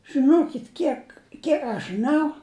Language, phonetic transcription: Lithuanian, žɨˈnokit ˈkiek ˈkiek aš žɨˈnau

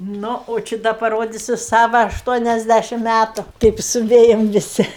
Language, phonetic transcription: Lithuanian, ˈnu o ˈči ˈda paˈrodisiu ˈsava ašˈtuoniasˌdæšim ˈmætu ˈkaip suˈvėjam viˈsi

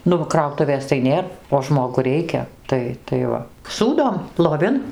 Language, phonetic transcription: Lithuanian, ˈnu va ˈkrautuvės tai ˈnėr o ˈžmogu ˈreikia ˈtai tai ˈva ˈsūdom loˈvin

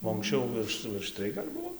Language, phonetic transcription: Lithuanian, o anksˈčiau ˈvirš virš ˈtrij gal' ˈbuvo

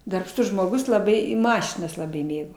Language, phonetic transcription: Lithuanian, darbˈštus žmoˈgus laˈbai i ˈmašinas laˈbai ˈmėgo

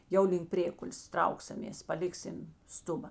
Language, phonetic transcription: Lithuanian, ˈjau link ˈprėkulės ˈtrauksamės paˈliksim ˈstuba

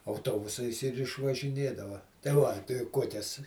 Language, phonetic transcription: Lithuanian, auˈtobusais ir išvažiˈnėdava tai ˈva tai ˈkuokias

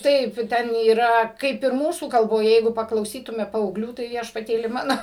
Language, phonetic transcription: Lithuanian, ˈtaip ˈten yˈra ˈkaip ir ˈmūsų kalboˈje ˈjeigu paklauˈsytume paauˈglių tai viešpaˈtėli ˈmano

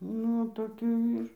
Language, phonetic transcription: Lithuanian, ˈnu toˈkių ˈyr

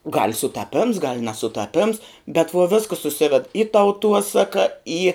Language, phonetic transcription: Lithuanian, gal' sutaˈpims gal' nesutaˈpims bet vuo ˈviskəs suˈsived i tauˈtuosaka į

